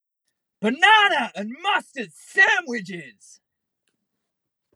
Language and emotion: English, disgusted